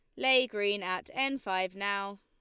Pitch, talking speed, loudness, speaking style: 200 Hz, 180 wpm, -30 LUFS, Lombard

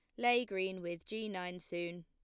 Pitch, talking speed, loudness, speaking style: 180 Hz, 195 wpm, -38 LUFS, plain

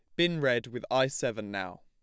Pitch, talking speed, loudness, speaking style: 125 Hz, 220 wpm, -30 LUFS, plain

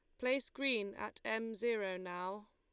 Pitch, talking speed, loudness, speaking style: 220 Hz, 155 wpm, -39 LUFS, Lombard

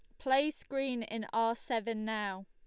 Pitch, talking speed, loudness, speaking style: 230 Hz, 160 wpm, -34 LUFS, Lombard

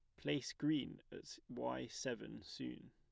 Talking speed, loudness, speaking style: 135 wpm, -44 LUFS, plain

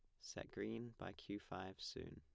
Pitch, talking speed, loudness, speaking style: 95 Hz, 185 wpm, -50 LUFS, plain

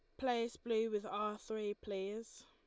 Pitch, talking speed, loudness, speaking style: 220 Hz, 160 wpm, -40 LUFS, Lombard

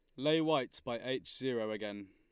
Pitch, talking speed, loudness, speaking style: 130 Hz, 190 wpm, -36 LUFS, Lombard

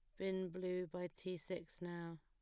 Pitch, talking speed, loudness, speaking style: 180 Hz, 180 wpm, -46 LUFS, plain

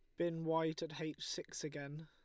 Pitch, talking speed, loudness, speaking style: 160 Hz, 195 wpm, -42 LUFS, Lombard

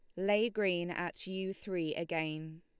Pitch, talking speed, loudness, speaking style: 175 Hz, 150 wpm, -35 LUFS, Lombard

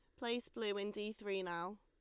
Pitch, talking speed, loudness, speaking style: 210 Hz, 225 wpm, -42 LUFS, Lombard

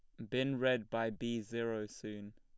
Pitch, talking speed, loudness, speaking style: 115 Hz, 180 wpm, -38 LUFS, plain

